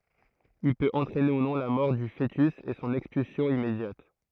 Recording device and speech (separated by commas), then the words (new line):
throat microphone, read sentence
Il peut entraîner, ou non, la mort du fœtus et son expulsion immédiate.